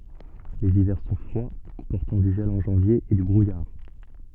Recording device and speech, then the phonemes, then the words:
soft in-ear microphone, read sentence
lez ivɛʁ sɔ̃ fʁwa kɔ̃pɔʁtɑ̃ dy ʒɛl ɑ̃ ʒɑ̃vje e dy bʁujaʁ
Les hivers sont froids, comportant du gel en janvier et du brouillard.

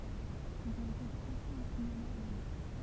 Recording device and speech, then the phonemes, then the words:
temple vibration pickup, read sentence
ilz ɔ̃t ete pʁoʒtez o sinema o ʒapɔ̃
Ils ont été projetés au cinéma au Japon.

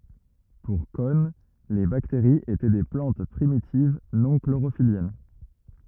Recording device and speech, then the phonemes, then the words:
rigid in-ear microphone, read sentence
puʁ kɔn le bakteʁiz etɛ de plɑ̃t pʁimitiv nɔ̃ kloʁofiljɛn
Pour Cohn, les bactéries étaient des plantes primitives non chlorophylliennes.

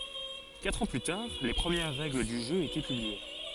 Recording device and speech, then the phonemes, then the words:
forehead accelerometer, read sentence
katʁ ɑ̃ ply taʁ le pʁəmjɛʁ ʁɛɡl dy ʒø etɛ pyblie
Quatre ans plus tard, les premières règles du jeu étaient publiées.

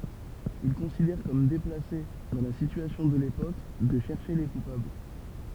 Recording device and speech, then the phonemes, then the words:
temple vibration pickup, read sentence
il kɔ̃sidɛʁ kɔm deplase dɑ̃ la sityasjɔ̃ də lepok də ʃɛʁʃe le kupabl
Il considère comme déplacé, dans la situation de l’époque, de chercher les coupables.

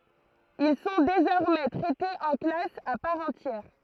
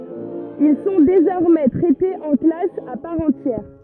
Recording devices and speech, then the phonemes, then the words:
throat microphone, rigid in-ear microphone, read sentence
il sɔ̃ dezɔʁmɛ tʁɛtez ɑ̃ klas a paʁ ɑ̃tjɛʁ
Ils sont désormais traités en classe à part entière.

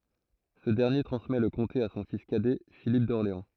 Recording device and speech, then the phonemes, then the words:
throat microphone, read sentence
sə dɛʁnje tʁɑ̃smɛ lə kɔ̃te a sɔ̃ fis kadɛ filip dɔʁleɑ̃
Ce dernier transmet le comté à son fils cadet Philippe d'Orléans.

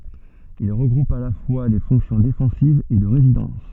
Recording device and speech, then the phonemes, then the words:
soft in-ear microphone, read sentence
il ʁəɡʁupt a la fwa le fɔ̃ksjɔ̃ defɑ̃sivz e də ʁezidɑ̃s
Ils regroupent à la fois les fonctions défensives et de résidence.

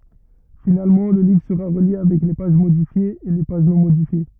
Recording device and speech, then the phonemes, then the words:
rigid in-ear microphone, read sentence
finalmɑ̃ lə livʁ səʁa ʁəlje avɛk le paʒ modifjez e le paʒ nɔ̃ modifje
Finalement, le livre sera relié avec les pages modifiées et les pages non modifiées.

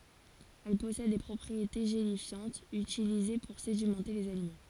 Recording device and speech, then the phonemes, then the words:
forehead accelerometer, read sentence
ɛl pɔsɛd de pʁɔpʁiete ʒelifjɑ̃tz ytilize puʁ sedimɑ̃te lez alimɑ̃
Elle possède des propriétés gélifiantes utilisées pour sédimenter les aliments.

